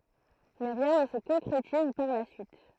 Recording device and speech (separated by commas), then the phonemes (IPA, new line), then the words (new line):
throat microphone, read sentence
mɛ ʁjɛ̃ nə sə kɔ̃kʁetiz paʁ la syit
Mais rien ne se concrétise par la suite.